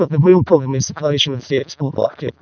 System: VC, vocoder